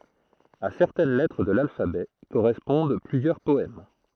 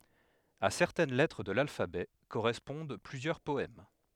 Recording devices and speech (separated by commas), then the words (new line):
throat microphone, headset microphone, read sentence
À certaines lettres de l'alphabet correspondent plusieurs poèmes.